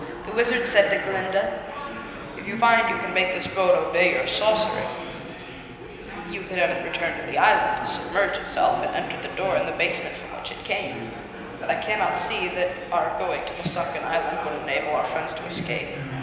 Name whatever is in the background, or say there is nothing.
Crowd babble.